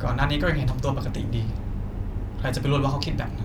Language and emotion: Thai, frustrated